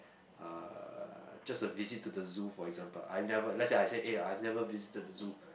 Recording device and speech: boundary microphone, conversation in the same room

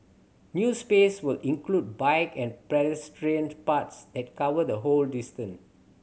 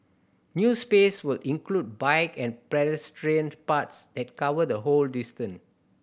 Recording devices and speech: mobile phone (Samsung C7100), boundary microphone (BM630), read sentence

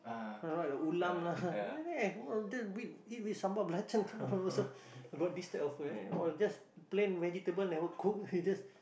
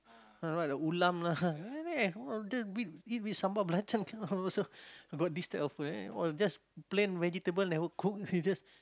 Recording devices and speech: boundary microphone, close-talking microphone, conversation in the same room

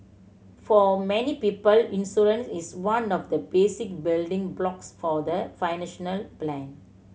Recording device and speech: mobile phone (Samsung C7100), read sentence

